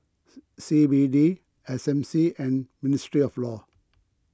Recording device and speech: close-talking microphone (WH20), read sentence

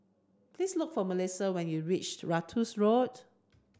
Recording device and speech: standing microphone (AKG C214), read sentence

